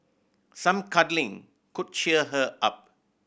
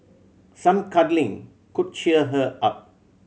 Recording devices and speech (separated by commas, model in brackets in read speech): boundary microphone (BM630), mobile phone (Samsung C7100), read sentence